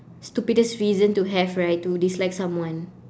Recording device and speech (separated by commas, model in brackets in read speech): standing microphone, conversation in separate rooms